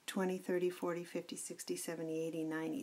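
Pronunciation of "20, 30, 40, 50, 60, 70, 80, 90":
Each number has its stress on the first syllable, and the t in 'thirty', 'forty' and 'fifty' sounds like a d. In 'twenty', 'seventy' and 'ninety' that d sound isn't heard at all.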